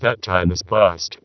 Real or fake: fake